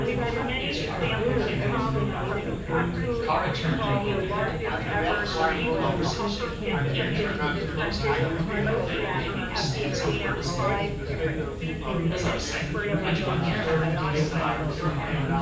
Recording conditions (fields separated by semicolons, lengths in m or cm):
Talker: one person; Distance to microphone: 9.8 m; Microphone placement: far; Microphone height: 1.8 m; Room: large; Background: babble